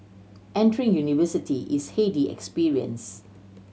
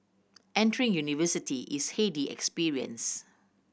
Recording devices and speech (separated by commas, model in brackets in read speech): mobile phone (Samsung C7100), boundary microphone (BM630), read sentence